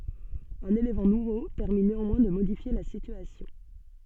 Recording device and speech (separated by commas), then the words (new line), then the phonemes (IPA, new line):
soft in-ear microphone, read sentence
Un élément nouveau permit néanmoins de modifier la situation.
œ̃n elemɑ̃ nuvo pɛʁmi neɑ̃mwɛ̃ də modifje la sityasjɔ̃